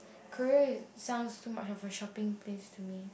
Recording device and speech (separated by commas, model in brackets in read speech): boundary microphone, conversation in the same room